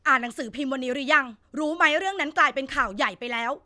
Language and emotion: Thai, angry